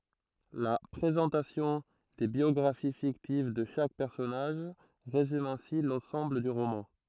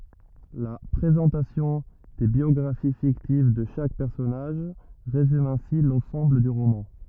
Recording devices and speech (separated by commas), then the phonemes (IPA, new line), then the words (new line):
throat microphone, rigid in-ear microphone, read sentence
la pʁezɑ̃tasjɔ̃ de bjɔɡʁafi fiktiv də ʃak pɛʁsɔnaʒ ʁezym ɛ̃si lɑ̃sɑ̃bl dy ʁomɑ̃
La présentation des biographies fictives de chaque personnage résume ainsi l’ensemble du roman.